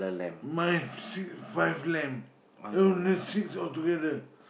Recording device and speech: boundary microphone, conversation in the same room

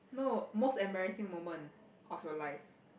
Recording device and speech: boundary microphone, conversation in the same room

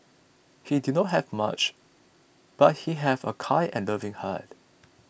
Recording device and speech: boundary microphone (BM630), read sentence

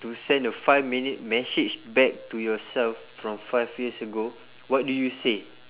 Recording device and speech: telephone, conversation in separate rooms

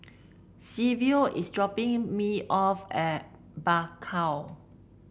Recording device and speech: boundary microphone (BM630), read sentence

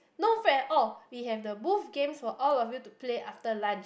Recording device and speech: boundary microphone, conversation in the same room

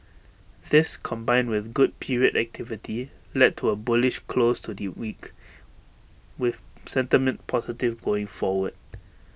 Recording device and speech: boundary microphone (BM630), read sentence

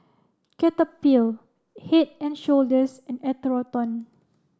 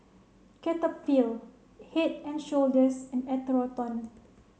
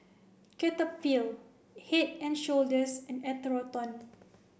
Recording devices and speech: standing microphone (AKG C214), mobile phone (Samsung C7), boundary microphone (BM630), read sentence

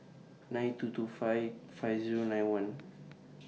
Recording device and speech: mobile phone (iPhone 6), read sentence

